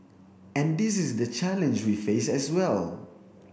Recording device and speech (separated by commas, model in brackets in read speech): boundary microphone (BM630), read sentence